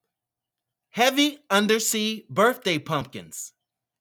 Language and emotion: English, happy